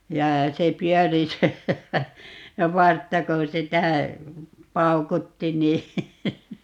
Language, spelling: Finnish, ja se pyöri se se vartta kun sitä paukutti niin
- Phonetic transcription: 'ja , 'se 'pyɔ̈̀ri se , (se) "vartta ko 'sitä , "paukutti 'nii ,.

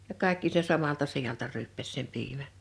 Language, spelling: Finnish, ja kaikki sen samalta sijalta ryyppäsi sen piimän
- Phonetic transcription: ja 'kàḙkki se 'samalta 'sijalta 'ryyppäs sem 'piimä .

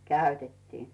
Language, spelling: Finnish, käytettiin
- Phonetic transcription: käytettiin .

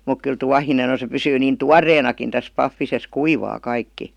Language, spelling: Finnish, mutta kyllä tuohinen on se pysyy niin tuoreenakin tässä pahvisessa kuivaa kaikki
- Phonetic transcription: muk 'kyl "tuahinen̬ ‿on̬ se 'pysyy 'niin "tuar̀eenakin täs 'paffises "kuivaa 'kaikki .

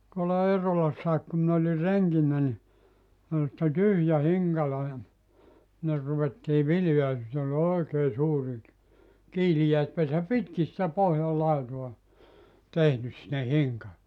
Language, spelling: Finnish, tuolla Eerolassakin kun minä olin renkinä niin oli sitten tyhjä hinkalo ja sinne ruvettiin viljaa ja sitten oli oikein suuri - kiiliäispesä pitkin sitä pohjan laitaa tehnyt sinne hinkaloon
- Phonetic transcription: tuolla 'Eerolassaik ku min ‿oli 'reŋkinnä ni , ol sⁱtte 'tyhjä 'hiŋkalo ja , sinner 'ruvettii "viljaa ja (sitt ‿ol) "oikee 'suuri ‿k- , 'kiilijäispesä "pitki sⁱtä 'pohjal 'laitoa , 'tehnys sinne 'hiŋka(loo) .

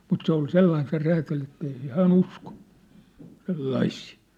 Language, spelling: Finnish, mutta se oli sellainen se räätäli että ei se hän usko sellaisia
- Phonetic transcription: mut 'se ‿ol 'sellain se 'räätäl ‿ettei se 'hää"n ‿usko , 'sellaisii .

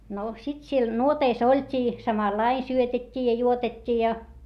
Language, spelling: Finnish, no sitten siellä nuoteissa oltiin samalla lailla syötettiin ja juotettiin ja
- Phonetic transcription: no sit siel nuoteis ‿oĺt́ii , samallaiⁿ syötet́t́ii ja juotet́t́ii ja .

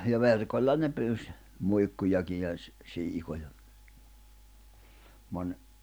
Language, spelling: Finnish, ja verkolla ne pyysi muikkujakin ja - siikoja moni
- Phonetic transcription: ja 'verkoĺla ne pyys , 'muikkujaki ja ‿s- , 'siikoja , moń ,.

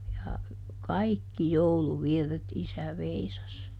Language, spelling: Finnish, ja kaikki jouluvirret isä veisasi
- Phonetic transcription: ja , "kaikki "jouluvirret ˈisä ˈveisas .

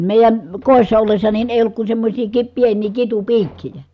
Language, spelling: Finnish, meidän kodissa ollessa niin ei ollut kuin semmoisia - pieniä kitupiikkejä
- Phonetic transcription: mèi̮jän̬ , kòissa ollessa nin èij ‿olluk kun semmośii ki- , pieǹii kitupiikkijä .

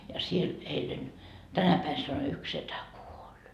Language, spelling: Finnish, ja siellä eilen tänä päivänä sanoi yksi setä kuoli
- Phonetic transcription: ja 'siel 'eilen , 'tänä päi sano yks 'setä "kuoĺ .

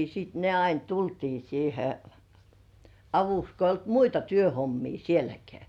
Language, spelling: Finnish, sitten ne aina tultiin siihen avuksi kun ei ollut muita työhommia sielläkään
- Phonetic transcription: siit ne "ain 'tultii siihe "avuks ko ‿ij̆j ‿olt "muita 'työhommii 'sieläkeä .

